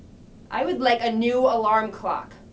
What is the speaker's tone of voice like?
disgusted